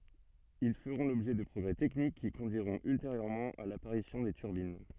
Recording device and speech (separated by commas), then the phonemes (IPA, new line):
soft in-ear microphone, read sentence
il fəʁɔ̃ lɔbʒɛ də pʁɔɡʁɛ tɛknik ki kɔ̃dyiʁɔ̃t ylteʁjøʁmɑ̃ a lapaʁisjɔ̃ de tyʁbin